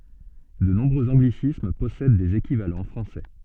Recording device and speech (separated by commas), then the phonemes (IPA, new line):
soft in-ear microphone, read sentence
də nɔ̃bʁøz ɑ̃ɡlisism pɔsɛd dez ekivalɑ̃ fʁɑ̃sɛ